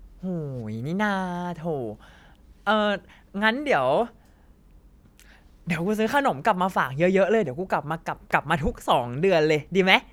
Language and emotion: Thai, happy